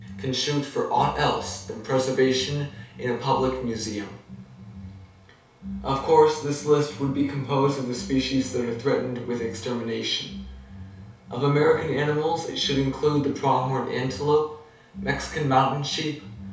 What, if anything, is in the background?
Music.